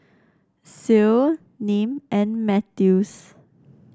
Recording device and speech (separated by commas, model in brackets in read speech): standing microphone (AKG C214), read sentence